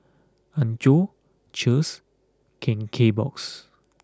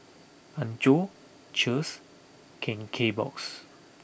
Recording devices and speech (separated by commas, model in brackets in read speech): close-talking microphone (WH20), boundary microphone (BM630), read sentence